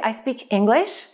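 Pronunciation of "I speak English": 'I speak English' is said the wrong way here. The k of 'speak' does not link to 'English', so the words sound cut apart.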